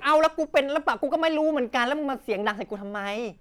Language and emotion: Thai, angry